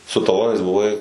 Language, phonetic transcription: Lithuanian, su taˈlonais buˈvai

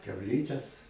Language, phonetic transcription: Lithuanian, kiauˈlytes

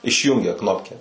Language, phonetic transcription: Lithuanian, išˈjūngia ˈknopke

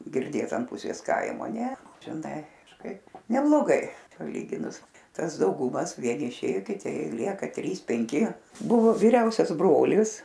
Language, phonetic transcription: Lithuanian, girˈdėt an ˈpusės ˈkaimo ne žiˈnai kažˈkaip nebloˈgai paˈlyginus ˈtas dauˈgumas ˈvieni iˈšėjo kiˈti ˈlieka ˈtrys penˈki ˈbuvo vyˈriausias ˈbrolis

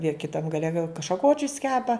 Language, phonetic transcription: Lithuanian, jie kiˈtam gaˈle gal šaˈkočius ˈkepa

